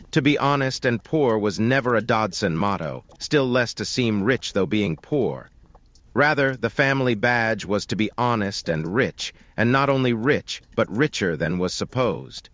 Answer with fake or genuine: fake